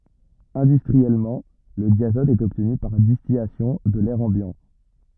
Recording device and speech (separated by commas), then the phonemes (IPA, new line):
rigid in-ear microphone, read sentence
ɛ̃dystʁiɛlmɑ̃ lə djazɔt ɛt ɔbtny paʁ distilasjɔ̃ də lɛʁ ɑ̃bjɑ̃